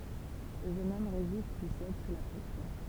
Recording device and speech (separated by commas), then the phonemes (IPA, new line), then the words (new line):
temple vibration pickup, read sentence
lə ʒøn ɔm ʁezist pyi sɛd su la pʁɛsjɔ̃
Le jeune homme résiste puis cède sous la pression.